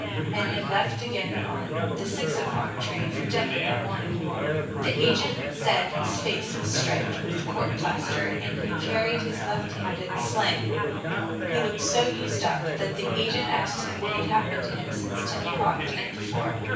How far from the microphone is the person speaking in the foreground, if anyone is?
9.8 m.